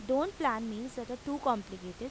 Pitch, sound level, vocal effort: 250 Hz, 87 dB SPL, normal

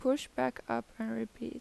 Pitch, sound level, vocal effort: 225 Hz, 82 dB SPL, soft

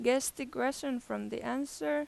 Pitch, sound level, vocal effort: 250 Hz, 89 dB SPL, loud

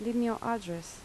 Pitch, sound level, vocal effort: 230 Hz, 78 dB SPL, soft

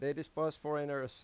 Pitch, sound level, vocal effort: 150 Hz, 90 dB SPL, loud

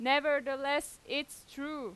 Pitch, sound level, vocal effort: 285 Hz, 94 dB SPL, very loud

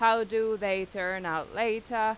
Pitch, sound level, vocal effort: 220 Hz, 94 dB SPL, very loud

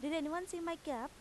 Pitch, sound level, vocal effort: 320 Hz, 89 dB SPL, loud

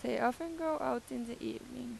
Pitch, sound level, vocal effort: 255 Hz, 87 dB SPL, normal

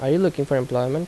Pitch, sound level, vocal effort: 140 Hz, 82 dB SPL, normal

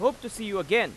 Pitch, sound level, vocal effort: 230 Hz, 97 dB SPL, very loud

